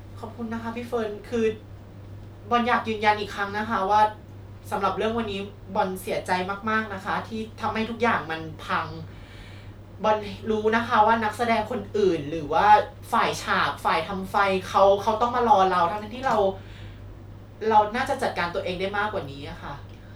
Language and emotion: Thai, sad